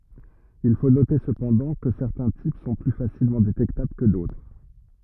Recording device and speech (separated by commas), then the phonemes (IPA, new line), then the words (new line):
rigid in-ear microphone, read sentence
il fo note səpɑ̃dɑ̃ kə sɛʁtɛ̃ tip sɔ̃ ply fasilmɑ̃ detɛktabl kə dotʁ
Il faut noter, cependant, que certains types sont plus facilement détectables que d'autres.